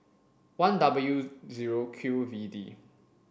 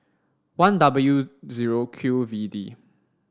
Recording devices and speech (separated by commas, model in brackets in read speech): boundary microphone (BM630), standing microphone (AKG C214), read sentence